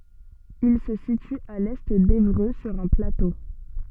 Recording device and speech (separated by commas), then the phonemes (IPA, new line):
soft in-ear microphone, read sentence
il sə sity a lɛ devʁø syʁ œ̃ plato